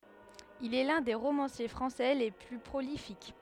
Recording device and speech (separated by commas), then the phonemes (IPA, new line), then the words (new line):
headset microphone, read sentence
il ɛ lœ̃ de ʁomɑ̃sje fʁɑ̃sɛ le ply pʁolifik
Il est l'un des romanciers français les plus prolifiques.